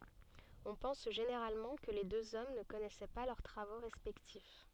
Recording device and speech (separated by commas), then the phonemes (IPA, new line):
soft in-ear microphone, read sentence
ɔ̃ pɑ̃s ʒeneʁalmɑ̃ kə le døz ɔm nə kɔnɛsɛ pa lœʁ tʁavo ʁɛspɛktif